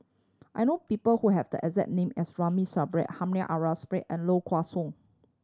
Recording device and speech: standing microphone (AKG C214), read sentence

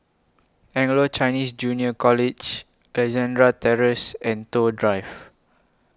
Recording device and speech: close-talking microphone (WH20), read sentence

